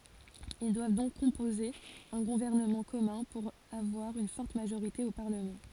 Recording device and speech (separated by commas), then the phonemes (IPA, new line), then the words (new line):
forehead accelerometer, read sentence
il dwav dɔ̃k kɔ̃poze œ̃ ɡuvɛʁnəmɑ̃ kɔmœ̃ puʁ avwaʁ yn fɔʁt maʒoʁite o paʁləmɑ̃
Ils doivent donc composer un gouvernement commun, pour avoir une forte majorité au parlement.